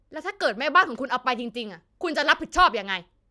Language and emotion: Thai, angry